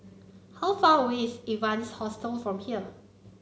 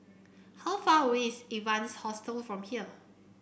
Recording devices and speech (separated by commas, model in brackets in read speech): mobile phone (Samsung C9), boundary microphone (BM630), read sentence